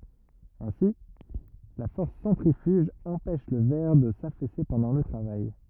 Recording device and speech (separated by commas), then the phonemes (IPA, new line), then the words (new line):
rigid in-ear microphone, read sentence
ɛ̃si la fɔʁs sɑ̃tʁifyʒ ɑ̃pɛʃ lə vɛʁ də safɛse pɑ̃dɑ̃ lə tʁavaj
Ainsi, la force centrifuge empêche le verre de s'affaisser pendant le travail.